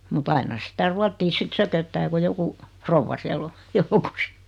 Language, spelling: Finnish, mutta aina sitä ruotsia sitten sököttää kun joku rouva siellä on joukossa
- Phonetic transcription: mu't ‿aina 'sitä "ruattii 'sit 'sököttää ku 'joku , "frovva siä'l ‿o , 'joukos .

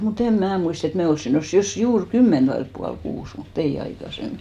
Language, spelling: Finnish, mutta en minä muista että me olisimme noussut jos juuri kymmentä vailla puoli kuusi mutta ei aikaisemmin
- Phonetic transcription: mu't ‿em "mnää muist ‿et "me 'olssin 'nossu , 'jos "juur "kymment vailᵉp pual'kuus , mu"t ‿ei 'aikasemmi .

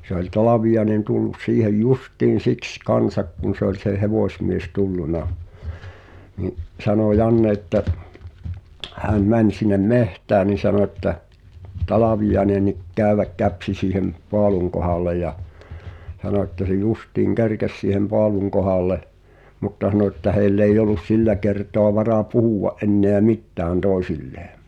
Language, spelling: Finnish, se oli Talviainen tullut siihen justiin siksi kanssa kun se oli se hevosmies tullut niin sanoi Janne että hän meni sinne metsään niin sanoi että Talviainenkin käydä käpsi siihen paalun kohdalle ja sanoi että se justiin kerkesi siihen paalun kohdalle mutta sanoi että heillä ei ollut sillä kertaa varaa puhua enää mitään toisilleen
- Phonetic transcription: se ‿oĺ 'Talavijaĕnen tullus siihej "justiin̬ 'siks 'kansak kun̬ se ‿oĺ se "hevòsmies 'tulluna , ni’ , 'sanò "Janne ᵉttä , häm 'mäń sin̆nem "mehtää ni 'sano ᵉttä , » "Talavijaenenik 'kä̀y̬väk 'käpsi siihem , 'poaluŋ kohàl̆le ja « , (s)ano että » se 'just̀ìŋ "kerkes siihem 'poaluŋ kohàlle « , mutta (s)ano ‿ttä 'hèi̬ll ‿èij ‿ollus "sillä kertoa varà "puhùʷa’ ’enneä "mittään 'tòi̬sillee .

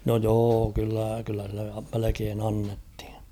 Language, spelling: Finnish, no joo kyllä kyllä sille melkein annettiin
- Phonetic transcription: no 'joo kyllä , kyllä sille , melekeen ‿jannethɪɴ .

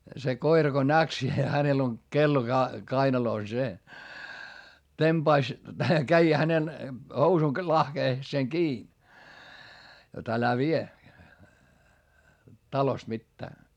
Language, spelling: Finnish, se koira kun näki sen hänellä on kello kainalossa se tempaisi kävi hänen housun lahkeeseen kiinni jotta älä vie talosta mitään
- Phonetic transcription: se koira ko näk se hänel ‿on , kello kainalòs se , temBais , käi hänen , housun lahkeeseŋ kii , jot älä vie , talost mittää .

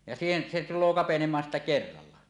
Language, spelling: Finnish, ja siihen se tulee kapenemaan sitten kerralla
- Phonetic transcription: ja siihen , se tul̀oo kapenem̀aan sittä "kerralla .

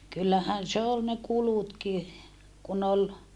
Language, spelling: Finnish, kyllähän se oli ne kulutkin kun oli
- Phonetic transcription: kyllähän se ol ne kulutki , kun ‿ol ,.

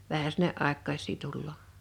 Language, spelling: Finnish, vähän sinne aikuisia tulee
- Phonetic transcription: 'vähä sinne '’àḙkkais̀ii 'tulloo .

